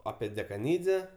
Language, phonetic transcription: Lithuanian, ˈapie dekaˈnydze

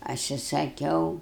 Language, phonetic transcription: Lithuanian, ˈaš i saˈkiau

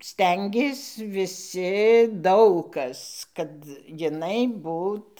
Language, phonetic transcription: Lithuanian, ˈstengės viˈsi ˈdaug kas kad jiˈnai ˈbūt

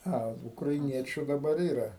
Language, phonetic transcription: Lithuanian, ˈa ukraiˈniečiu daˈbar ˈyra

